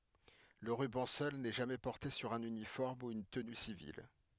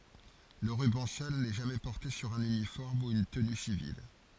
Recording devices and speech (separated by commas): headset microphone, forehead accelerometer, read sentence